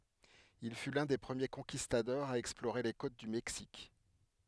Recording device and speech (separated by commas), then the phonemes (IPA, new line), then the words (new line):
headset microphone, read sentence
il fy lœ̃ de pʁəmje kɔ̃kistadɔʁz a ɛksploʁe le kot dy mɛksik
Il fut l'un des premiers Conquistadors à explorer les côtes du Mexique.